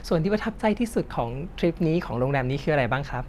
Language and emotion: Thai, neutral